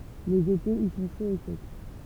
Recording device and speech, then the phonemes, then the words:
temple vibration pickup, read sentence
lez etez i sɔ̃ ʃoz e sɛk
Les étés y sont chauds et secs.

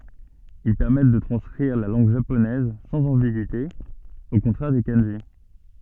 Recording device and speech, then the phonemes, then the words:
soft in-ear microphone, read sentence
il pɛʁmɛt də tʁɑ̃skʁiʁ la lɑ̃ɡ ʒaponɛz sɑ̃z ɑ̃biɡyite o kɔ̃tʁɛʁ de kɑ̃ʒi
Ils permettent de transcrire la langue japonaise sans ambigüité, au contraire des kanjis.

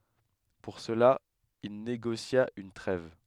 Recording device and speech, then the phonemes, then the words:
headset microphone, read sentence
puʁ səla il neɡosja yn tʁɛv
Pour cela, il négocia une trêve.

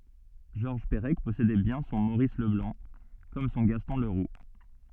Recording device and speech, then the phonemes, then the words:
soft in-ear microphone, read sentence
ʒɔʁʒ pəʁɛk pɔsedɛ bjɛ̃ sɔ̃ moʁis ləblɑ̃ kɔm sɔ̃ ɡastɔ̃ ləʁu
Georges Perec possédait bien son Maurice Leblanc, comme son Gaston Leroux.

